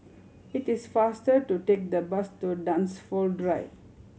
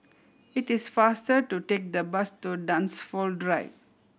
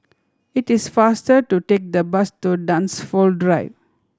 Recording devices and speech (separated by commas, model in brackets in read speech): mobile phone (Samsung C7100), boundary microphone (BM630), standing microphone (AKG C214), read sentence